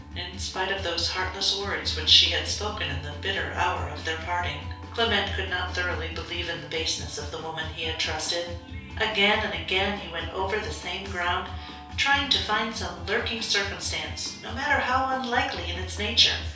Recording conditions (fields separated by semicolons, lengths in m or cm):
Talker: one person; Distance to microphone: 3.0 m; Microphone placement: far; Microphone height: 1.8 m; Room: small (3.7 m by 2.7 m); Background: music